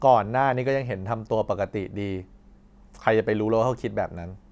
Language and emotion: Thai, frustrated